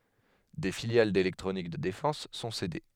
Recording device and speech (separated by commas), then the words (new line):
headset microphone, read sentence
Des filiales d’électronique de défense sont cédées.